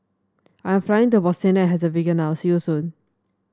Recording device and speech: standing microphone (AKG C214), read sentence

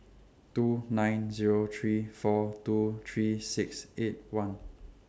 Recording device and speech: standing microphone (AKG C214), read sentence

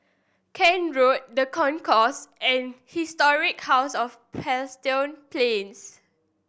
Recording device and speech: boundary microphone (BM630), read sentence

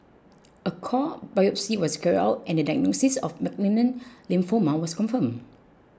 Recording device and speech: close-talking microphone (WH20), read sentence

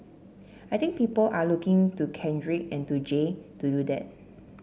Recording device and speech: mobile phone (Samsung C7), read sentence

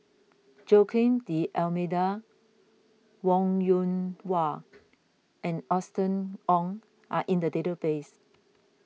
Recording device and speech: mobile phone (iPhone 6), read sentence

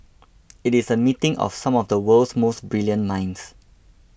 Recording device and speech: boundary microphone (BM630), read sentence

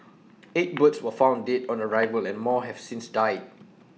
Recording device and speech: mobile phone (iPhone 6), read sentence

